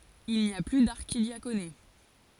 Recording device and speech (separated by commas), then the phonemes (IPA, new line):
forehead accelerometer, read sentence
il ni a ply daʁʃidjakone